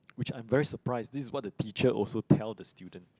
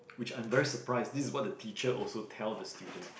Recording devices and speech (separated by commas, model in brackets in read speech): close-talking microphone, boundary microphone, conversation in the same room